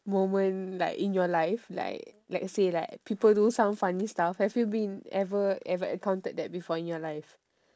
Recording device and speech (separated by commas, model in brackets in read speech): standing microphone, conversation in separate rooms